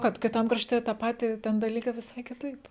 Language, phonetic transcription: Lithuanian, ˈkad kiˈtam krašˈte tą ˈpatį ˈten daˈlykai viˈsai kiˈtaip

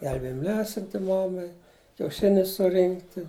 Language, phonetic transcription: Lithuanian, ˈgelbėjim ˈlesinti ˈmamai kiauˈšinius suˈrinkti

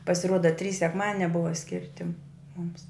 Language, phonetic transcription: Lithuanian, pasiˈruoda trys sekˈmadinia ˈbuva ˈskirti mums

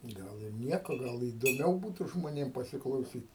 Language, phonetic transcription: Lithuanian, ˈgal ir ˈnieko ˈgal įdoˈmiau ˈbūtu žmoˈnėm pasiklauˈsyt'

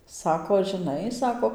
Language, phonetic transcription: Lithuanian, ˈsako žɨˈnai ˈsako

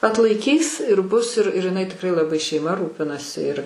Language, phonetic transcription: Lithuanian, atlaiˈkys ir bus ir ir iˈnai tikˈrai laˈbai šeiˈma ˈrūpinasi ir

